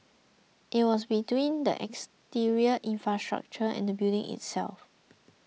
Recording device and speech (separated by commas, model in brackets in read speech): mobile phone (iPhone 6), read sentence